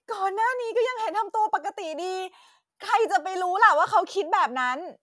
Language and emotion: Thai, frustrated